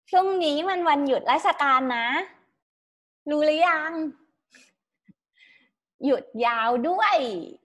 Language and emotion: Thai, happy